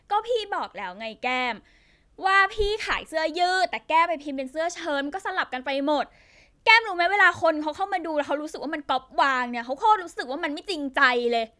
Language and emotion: Thai, angry